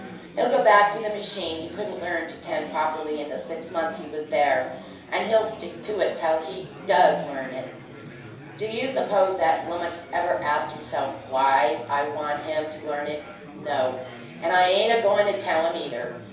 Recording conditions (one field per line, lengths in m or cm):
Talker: one person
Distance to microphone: 3.0 m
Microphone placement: far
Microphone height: 1.8 m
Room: small (3.7 m by 2.7 m)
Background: babble